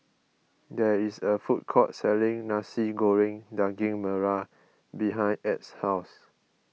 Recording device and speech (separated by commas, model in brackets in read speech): mobile phone (iPhone 6), read sentence